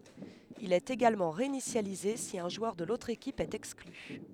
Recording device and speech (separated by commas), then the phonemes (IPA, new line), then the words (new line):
headset microphone, read sentence
il ɛt eɡalmɑ̃ ʁeinisjalize si œ̃ ʒwœʁ də lotʁ ekip ɛt ɛkskly
Il est également réinitialisé si un joueur de l'autre équipe est exclu.